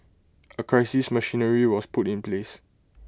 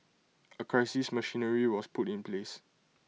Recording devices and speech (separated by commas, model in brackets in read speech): close-talking microphone (WH20), mobile phone (iPhone 6), read sentence